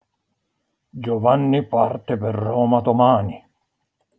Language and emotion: Italian, angry